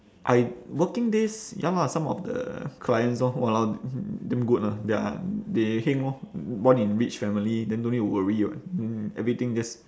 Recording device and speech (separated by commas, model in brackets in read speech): standing microphone, conversation in separate rooms